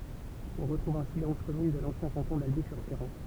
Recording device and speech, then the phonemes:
temple vibration pickup, read sentence
ɔ̃ ʁətʁuv ɛ̃si le ɔ̃z kɔmyn də lɑ̃sjɛ̃ kɑ̃tɔ̃ dalbi syʁ ʃeʁɑ̃

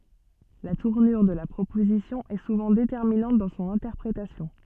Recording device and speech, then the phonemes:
soft in-ear microphone, read sentence
la tuʁnyʁ də la pʁopozisjɔ̃ ɛ suvɑ̃ detɛʁminɑ̃t dɑ̃ sɔ̃n ɛ̃tɛʁpʁetasjɔ̃

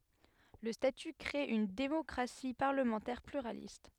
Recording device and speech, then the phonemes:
headset microphone, read sentence
lə staty kʁe yn demɔkʁasi paʁləmɑ̃tɛʁ plyʁalist

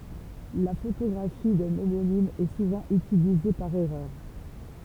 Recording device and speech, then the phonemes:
temple vibration pickup, read sentence
la fotoɡʁafi dœ̃ omonim ɛ suvɑ̃ ytilize paʁ ɛʁœʁ

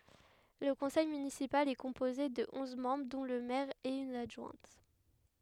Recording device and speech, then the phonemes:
headset microphone, read sentence
lə kɔ̃sɛj mynisipal ɛ kɔ̃poze də ɔ̃z mɑ̃bʁ dɔ̃ lə mɛʁ e yn adʒwɛ̃t

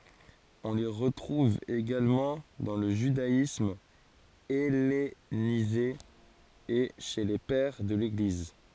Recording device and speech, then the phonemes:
forehead accelerometer, read sentence
ɔ̃ le ʁətʁuv eɡalmɑ̃ dɑ̃ lə ʒydaism ɛlenize e ʃe le pɛʁ də leɡliz

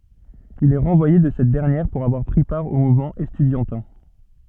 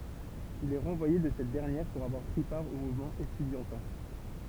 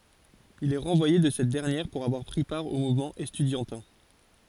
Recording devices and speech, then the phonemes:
soft in-ear microphone, temple vibration pickup, forehead accelerometer, read sentence
il ɛ ʁɑ̃vwaje də sɛt dɛʁnjɛʁ puʁ avwaʁ pʁi paʁ o muvmɑ̃ ɛstydjɑ̃tɛ̃

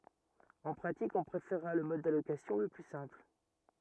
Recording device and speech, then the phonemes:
rigid in-ear microphone, read sentence
ɑ̃ pʁatik ɔ̃ pʁefeʁʁa lə mɔd dalokasjɔ̃ lə ply sɛ̃pl

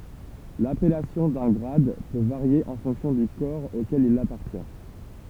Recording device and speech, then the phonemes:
temple vibration pickup, read sentence
lapɛlasjɔ̃ dœ̃ ɡʁad pø vaʁje ɑ̃ fɔ̃ksjɔ̃ dy kɔʁ okɛl il apaʁtjɛ̃

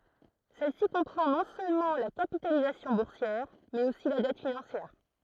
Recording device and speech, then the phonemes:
throat microphone, read sentence
sɛl si kɔ̃pʁɑ̃ nɔ̃ sølmɑ̃ la kapitalizasjɔ̃ buʁsjɛʁ mɛz osi la dɛt finɑ̃sjɛʁ

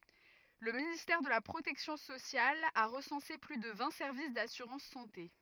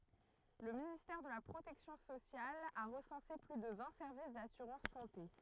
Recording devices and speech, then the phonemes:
rigid in-ear microphone, throat microphone, read sentence
lə ministɛʁ də la pʁotɛksjɔ̃ sosjal a ʁəsɑ̃se ply də vɛ̃ sɛʁvis dasyʁɑ̃s sɑ̃te

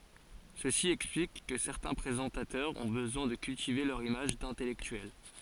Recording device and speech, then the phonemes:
forehead accelerometer, read sentence
səsi ɛksplik kə sɛʁtɛ̃ pʁezɑ̃tatœʁz ɔ̃ bəzwɛ̃ də kyltive lœʁ imaʒ dɛ̃tɛlɛktyɛl

